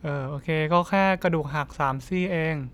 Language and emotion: Thai, neutral